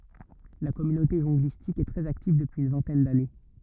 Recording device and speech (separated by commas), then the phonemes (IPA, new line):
rigid in-ear microphone, read sentence
la kɔmynote ʒɔ̃ɡlistik ɛ tʁɛz aktiv dəpyiz yn vɛ̃tɛn dane